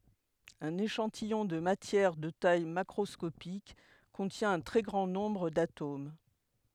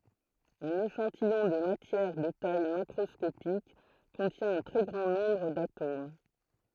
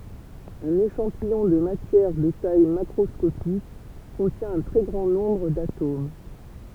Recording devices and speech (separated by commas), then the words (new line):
headset microphone, throat microphone, temple vibration pickup, read sentence
Un échantillon de matière de taille macroscopique contient un très grand nombre d'atomes.